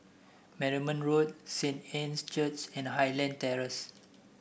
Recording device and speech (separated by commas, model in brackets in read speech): boundary microphone (BM630), read sentence